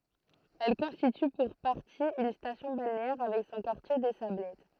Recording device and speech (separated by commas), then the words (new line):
throat microphone, read sentence
Elle constitue pour partie une station balnéaire avec son quartier des Sablettes.